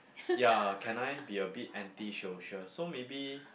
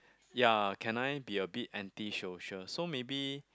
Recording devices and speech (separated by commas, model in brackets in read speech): boundary microphone, close-talking microphone, conversation in the same room